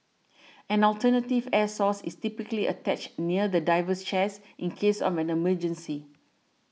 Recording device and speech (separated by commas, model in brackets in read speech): mobile phone (iPhone 6), read sentence